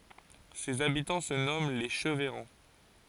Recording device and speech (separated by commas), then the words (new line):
forehead accelerometer, read sentence
Ses habitants se nomment les Cheveyrands.